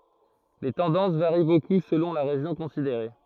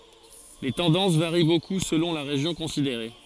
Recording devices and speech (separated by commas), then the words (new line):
throat microphone, forehead accelerometer, read sentence
Les tendances varient beaucoup selon la région considérée.